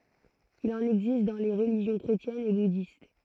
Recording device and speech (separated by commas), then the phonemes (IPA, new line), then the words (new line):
throat microphone, read sentence
il ɑ̃n ɛɡzist dɑ̃ le ʁəliʒjɔ̃ kʁetjɛnz e budist
Il en existe dans les religions chrétiennes et bouddhiste.